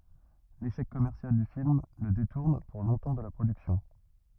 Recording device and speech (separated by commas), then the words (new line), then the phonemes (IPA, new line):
rigid in-ear microphone, read sentence
L'échec commercial du film le détourne pour longtemps de la production.
leʃɛk kɔmɛʁsjal dy film lə detuʁn puʁ lɔ̃tɑ̃ də la pʁodyksjɔ̃